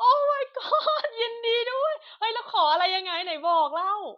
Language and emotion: Thai, happy